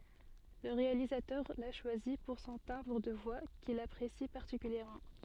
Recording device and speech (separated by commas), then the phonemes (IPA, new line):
soft in-ear microphone, read sentence
lə ʁealizatœʁ la ʃwazi puʁ sɔ̃ tɛ̃bʁ də vwa kil apʁesi paʁtikyljɛʁmɑ̃